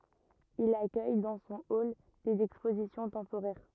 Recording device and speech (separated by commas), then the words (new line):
rigid in-ear microphone, read sentence
Il accueille dans son hall des expositions temporaires.